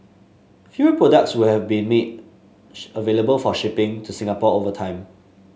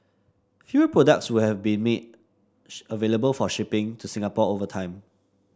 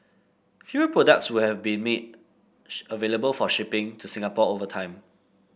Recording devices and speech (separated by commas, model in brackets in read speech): mobile phone (Samsung S8), standing microphone (AKG C214), boundary microphone (BM630), read sentence